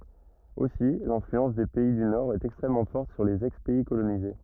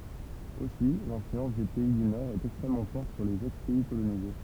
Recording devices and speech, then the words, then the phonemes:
rigid in-ear microphone, temple vibration pickup, read sentence
Aussi l'influence des pays du Nord est extrêmement forte sur les ex-pays colonisés.
osi lɛ̃flyɑ̃s de pɛi dy noʁɛst ɛkstʁɛmmɑ̃ fɔʁt syʁ lez ɛkspɛi kolonize

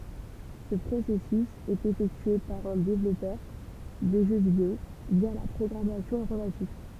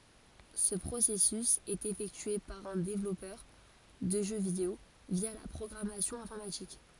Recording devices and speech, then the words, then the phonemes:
temple vibration pickup, forehead accelerometer, read sentence
Ce processus est effectué par un développeur de jeux vidéo via la programmation informatique.
sə pʁosɛsys ɛt efɛktye paʁ œ̃ devlɔpœʁ də ʒø video vja la pʁɔɡʁamasjɔ̃ ɛ̃fɔʁmatik

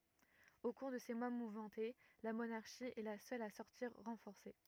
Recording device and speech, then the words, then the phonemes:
rigid in-ear microphone, read sentence
Au cours de ces mois mouvementés, la monarchie est la seule à sortir renforcée.
o kuʁ də se mwa muvmɑ̃te la monaʁʃi ɛ la sœl a sɔʁtiʁ ʁɑ̃fɔʁse

